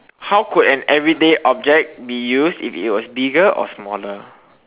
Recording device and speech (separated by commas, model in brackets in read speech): telephone, conversation in separate rooms